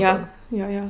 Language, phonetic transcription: Lithuanian, ˈjo ˈjo ˈjo

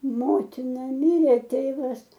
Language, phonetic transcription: Lithuanian, ˈmotina ˈmirė ˈtėvas

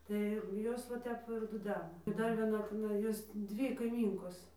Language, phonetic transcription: Lithuanian, tai jau ˈjos va ˈtep ir duˈdena i ˈdar vieˈna tiˈnai ˈjos ˈdvy kaiˈmynkos

